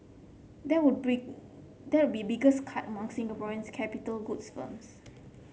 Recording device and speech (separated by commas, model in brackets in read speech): mobile phone (Samsung C7), read sentence